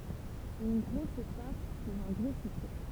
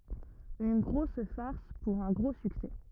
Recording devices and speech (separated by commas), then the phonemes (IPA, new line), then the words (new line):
temple vibration pickup, rigid in-ear microphone, read sentence
yn ɡʁos faʁs puʁ œ̃ ɡʁo syksɛ
Une grosse farce pour un gros succès.